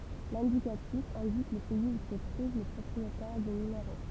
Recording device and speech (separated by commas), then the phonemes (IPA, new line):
temple vibration pickup, read sentence
lɛ̃dikatif ɛ̃dik lə pɛiz u sə tʁuv lə pʁɔpʁietɛʁ dy nymeʁo